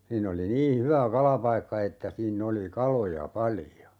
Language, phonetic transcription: Finnish, 'siinn ‿oli 'nii "hyvä 'kalapaikka että 'siin'n ‿oli "kaloja 'palⁱjo .
- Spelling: siinä oli niin hyvä kalapaikka että siinä oli kaloja paljon

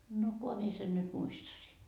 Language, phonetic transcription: Finnish, no 'koha mie sen nyt "muistasii .
- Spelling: no kunhan minä sen nyt muistaisin

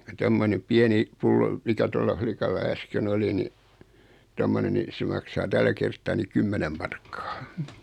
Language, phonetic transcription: Finnish, kun 'tommonem 'piɛni , 'pullo , 'mikä tolla 'flikalla 'äsken 'oli ni , 'tommone ni , 'se maksaa 'tällä kerttaa ni "kymmɛnem markkᴀᴀ .
- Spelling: kun tuommoinen pieni pullo mikä tuolla likalla äsken oli niin tuommoinen niin se maksaa tällä kertaa niin kymmenen markkaa

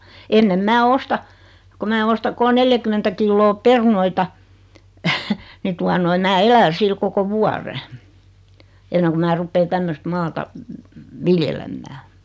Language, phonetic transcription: Finnish, ennem 'mää "osta , ko 'mää 'osta 'kol "neljäkymmentä 'killoo "perunoita , 'ni tua noi 'mää "elä 'sil 'koko "vuare , 'enneŋ ku mää 'ruppee 'tämmöst "maata , "viljelemmää .
- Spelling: ennen minä ostan kun minä ostan kolme neljäkymmentä kiloa perunoita niin tuota noin minä elän sillä koko vuoden ennen kuin minä rupean tämmöistä maata viljelemään

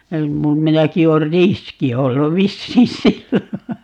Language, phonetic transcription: Finnish, mum- , 'minäki oor "riski 'ollu 'vissii "sillo .
- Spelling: - minäkin olen riski ollut vissiin silloin

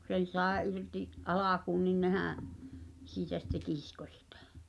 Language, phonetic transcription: Finnish, kᵘ 'sen̬ sàe '’irti’ , '’alakuun nin "nehää̰ , 'siitä sitte "kisko sɪtᴀ̈ .
- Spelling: kun sen sai irti alkuun niin nehän siitä sitten kiskoi sitä

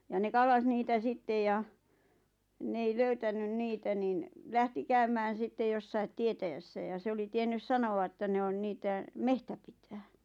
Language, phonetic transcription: Finnish, ja ne 'kallas niitä 'sittej ja , 'n ‿ei 'löytänyn "niitä nin , 'lähti 'käymään̬ sitte 'jossait "tietäjässä ja se 'oli 'tiennys "sano₍a ᵉttä 'ne on 'niitä , "mehtä pitää .
- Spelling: ja ne kallasi niitä sitten ja ne ei löytänyt niitä niin lähti käymään sitten jossakin tietäjässä ja se oli tiennyt sanoa että ne on niitä metsä pitää

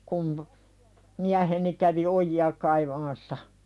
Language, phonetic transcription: Finnish, kum , 'miäheni kävi "oji₍a kaivamassa .
- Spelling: kun mieheni kävi ojia kaivamassa

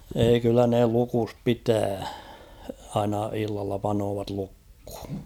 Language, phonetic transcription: Finnish, 'eei kyllä ne 'lukus "pitää , aina 'illalla panoovat 'lukh̭ᴜ .
- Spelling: ei kyllä ne lukossa pitää aina illalla panevat lukkoon

